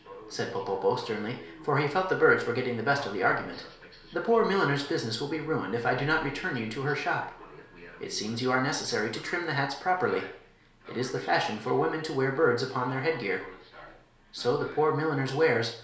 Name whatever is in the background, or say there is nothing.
A television.